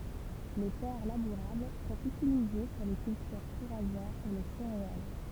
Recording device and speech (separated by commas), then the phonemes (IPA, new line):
temple vibration pickup, read sentence
le tɛʁ labuʁabl sɔ̃t ytilize puʁ le kyltyʁ fuʁaʒɛʁz e le seʁeal